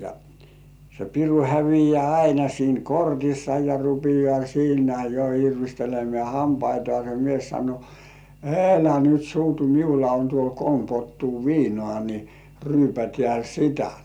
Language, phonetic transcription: Finnish, ja , se 'piru hävijĕä̀ "aina siin 'kortissa ja 'rupijŏà siinä jo irvistelemĕä̀ "hampaitŏàse mies sano , » "elä 'nyt 'suutu miulla on tuol 'kolm pottuu "viinŏà ni , 'ryypätĕä̀ "sitä « .
- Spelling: ja se piru häviää aina siinä kortissa ja rupeaa siinä jo irvistelemään hampaitansa mies sanoi älä nyt suutu minulla on tuolla kolme pottua viinaa niin ryypätään sitä

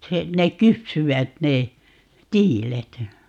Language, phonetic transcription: Finnish, 'se , 'nek "kypsyvät 'ne , "tiilet .
- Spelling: se ne kypsyivät ne tiilet

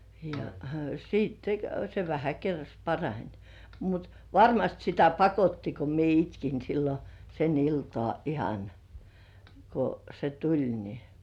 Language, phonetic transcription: Finnish, ja "siitte , se vähä 'kerras parań (ᴊᴀ) , mut , "varmast sitä 'pakotti ko mie itkin sillo , sen iltŏà 'ihan , ko se "tuĺ ni .
- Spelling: ja sitten se vähän kerrassa parani ja mutta varmasti sitä pakotti kun minä itkin silloin sen iltaa ihan kun se tuli niin

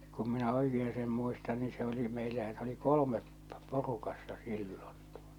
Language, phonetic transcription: Finnish, kum minä 'oikee seem muistan ni se oli meillä ja se oli 'kolᵒmep , 'porukassa 'sillon̬ tᴜᴏ- .
- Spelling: kun minä oikein sen muistan niin se oli meillä ja se oli kolme porukassa silloin -

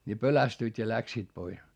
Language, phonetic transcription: Finnish, ni pölästyit ja läksiit pois .
- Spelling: niin pelästyivät ja lähtivät pois

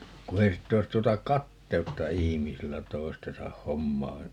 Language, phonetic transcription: Finnish, ku 'ei sit't ‿ois 'tuota "katteutta 'ihimisillä 'toi̮stesah̆ "hommaa ,.
- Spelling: kun ei sitten olisi tuota kateutta ihmisillä toistensa hommaan

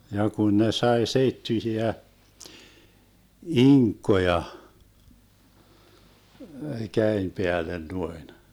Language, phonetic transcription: Finnish, ja 'kun ne 'sai 'seittyⁱsiä , "iŋkkoja , 'käem 'peälen 'nuoin .
- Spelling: ja kun ne sai seittyisiä inkkoja käden päälle noin

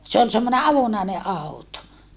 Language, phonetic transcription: Finnish, se ol semmone avonàene ʼauto .
- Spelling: se oli semmoinen avonainen auto

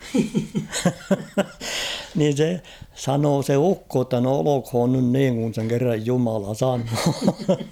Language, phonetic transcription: Finnish, niin̬ 'se , 'sanoo se "ukko ‿tta » no 'olokh̭oon nyn 'niiŋ kun̬ seŋ kerraj "jumala 'sanoo « .
- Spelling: niin se sanoi se ukko jotta no olkoon nyt niin kun sen kerran jumala sanoo

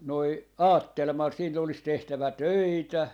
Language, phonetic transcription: Finnish, noi , "aattel ma sille olis 'tehtävä "töitä .
- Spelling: noin ajattelin minä sille olisi tehtävä töitä

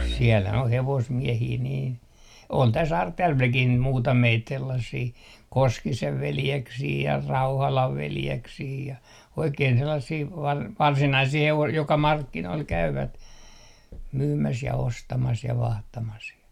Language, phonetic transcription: Finnish, sielhän o 'hevosmiɛhii niin , 'ol täs "Artjärvelkih niit 'muutameit 'sellassii , "Koskisev 'veljeksii ja "Rauhalav 'veljeksii ja , 'oikein 'sellassii var - "varsinaisii 'hevos- , joka "markkinoil 'käyvät , myymäs ja ostamas ja 'vahtamas ja .
- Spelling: siellähän on hevosmiehiä niin oli tässä Artjärvelläkin niitä muutamia sellaisia Koskisen veljeksiä ja Rauhalan veljeksiä ja oikein sellaisia - varsinaisia - joka markkinoilla käyvät myymässä ja ostamassa ja vaihtamassa ja

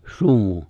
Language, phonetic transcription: Finnish, 'sumu .
- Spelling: sumu

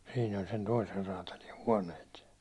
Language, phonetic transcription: Finnish, siin ‿oĺ sen toiser raatali 'huåǹeet .
- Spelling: siinä oli sen toisen räätälin huoneet

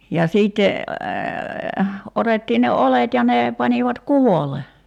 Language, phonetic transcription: Finnish, ja 'siitte , 'otettiin ne "olet ja ne , 'panivat "kuvole .
- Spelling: ja sitten otettiin ne oljet ja ne panivat kuvolle

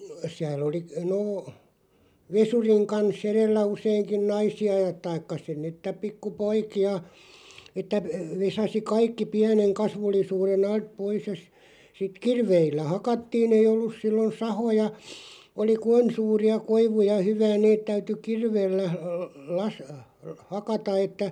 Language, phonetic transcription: Finnish, 'siäl ‿oli , 'noo , "vesuriŋ kan'sˢ ‿erellä 'useiŋkiⁿ "naisi₍a (ja) 'taikka sin ni että 'pikku"poiki₍a , että ve- 'vesasi "kaikki 'piäneŋ 'kasvullisuure'n ‿alt "pois ja s- , sit "kirveillä 'hakattiin ‿ei 'ollus 'sillon "sahoja , oli ku- "[n]oin 'suuri₍a 'koivuja (ja) 'hyvää 'neet 'täyty "kirveellä l- las- , 'hakata että ,.
- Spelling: siellä oli no vesurin kanssa edellä useinkin naisia ja tai siinä niin että pikkupoikia että - vesasi kaikki pienen kasvullisuuden alta pois ja - sitten kirveillä hakattiin ei ollut silloin sahoja oli - noin suuria koivuja ja hyvää ne täytyi kirveellä - - hakata että

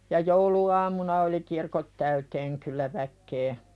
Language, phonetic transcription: Finnish, ja "joulu₍aamuna oli 'kirkot täyteeŋ 'kyllä väkkee .
- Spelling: ja jouluaamuna oli kirkot täyteen kyllä väkeä

